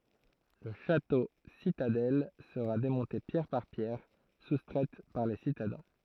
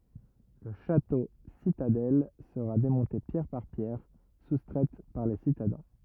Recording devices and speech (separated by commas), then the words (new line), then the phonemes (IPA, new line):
throat microphone, rigid in-ear microphone, read sentence
Le château-citadelle sera démonté pierre par pierre, soustraites par les citadins.
lə ʃatositadɛl səʁa demɔ̃te pjɛʁ paʁ pjɛʁ sustʁɛt paʁ le sitadɛ̃